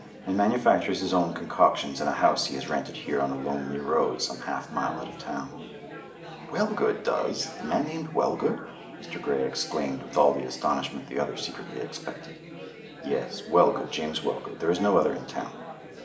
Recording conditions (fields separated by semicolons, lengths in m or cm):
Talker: one person; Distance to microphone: 1.8 m; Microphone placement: close; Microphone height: 1.0 m; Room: large; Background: babble